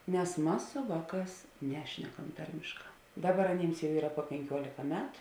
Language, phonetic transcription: Lithuanian, nes ˈmas su ˈvāˌkās ˈnešnekam ˈtarmėšˌkā ˈdaˌbar aˈnyms jau ˈyra puo penˈkiuolika ˈmetu

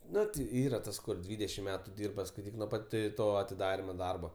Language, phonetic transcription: Lithuanian, ˈnu ti ˈyra ˈtas kur ˈdvydešim ˈmetu ˈdyrba skaiˈtyk nuo ˈpat ˈto atiˈdarimo ˈdarbo

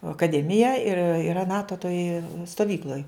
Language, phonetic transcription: Lithuanian, akaˈdemija ir yˈra ˈnato toj stoˈvykloj

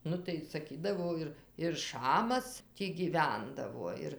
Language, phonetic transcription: Lithuanian, ˈnu tai saˈkydavo ir ir ˈšamas ˈtį gyˈvendavo ˈir

